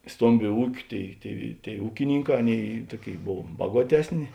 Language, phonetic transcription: Lithuanian, ˈstombiu ˈūkiu ˈtėi tėi tėi ˈūkininˌkā ˈaˌnėi ˈtuoˌkėi ˈbov ˈbaguotesˌni

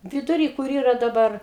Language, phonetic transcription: Lithuanian, viduˈry kur ˈyra daˈbar

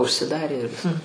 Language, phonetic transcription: Lithuanian, užsiˈdarė ir ˈviska

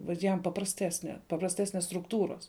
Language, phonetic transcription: Lithuanian, vat ˈjam paprasˈtesne paprasˈtesnes strukˈtūros

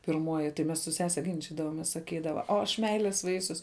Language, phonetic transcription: Lithuanian, pirˈmuoji tai ˈmes su ˈsese ginˈčidavomės saˈkydava o aš ˈmeilės ˈvaisius

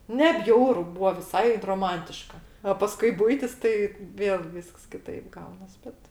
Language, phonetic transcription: Lithuanian, ne ˈbjauru ˈbūva viˈsai droˈmantiška a ˈpaskui ˈbuitis ˈtai ˈvėl ˈvysks kiˈtaip ˈgaunas ˈbet

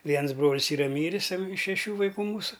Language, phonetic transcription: Lithuanian, ˈviens ˈbrolis ˈyra ˈmyris ˈtam iš šeˈšių vaiˈkų ˈmūsu

